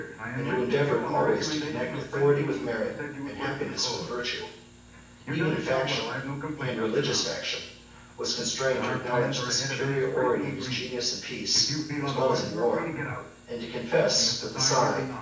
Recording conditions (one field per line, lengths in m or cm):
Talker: one person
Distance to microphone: 9.8 m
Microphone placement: far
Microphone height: 1.8 m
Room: large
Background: television